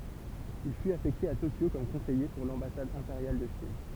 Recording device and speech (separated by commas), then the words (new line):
temple vibration pickup, read sentence
Il fut affecté à Tokyo comme conseiller pour l'ambassade impériale de Chine.